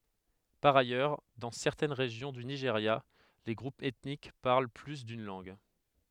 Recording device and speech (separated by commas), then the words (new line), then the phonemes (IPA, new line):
headset microphone, read sentence
Par ailleurs, dans certaines régions du Nigeria, les groupes ethniques parlent plus d'une langue.
paʁ ajœʁ dɑ̃ sɛʁtɛn ʁeʒjɔ̃ dy niʒeʁja le ɡʁupz ɛtnik paʁl ply dyn lɑ̃ɡ